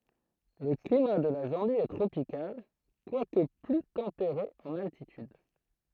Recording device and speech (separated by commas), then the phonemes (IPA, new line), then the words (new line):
throat microphone, read sentence
lə klima də la zɑ̃bi ɛ tʁopikal kwak ply tɑ̃peʁe ɑ̃n altityd
Le climat de la Zambie est tropical, quoique plus tempéré en altitude.